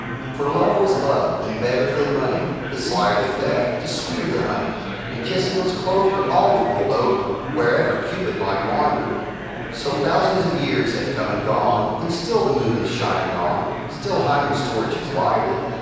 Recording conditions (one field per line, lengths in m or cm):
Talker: one person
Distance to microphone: 7.1 m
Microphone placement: far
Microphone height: 1.7 m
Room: very reverberant, large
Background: babble